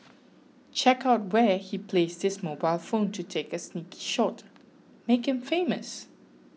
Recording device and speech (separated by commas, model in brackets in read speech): mobile phone (iPhone 6), read sentence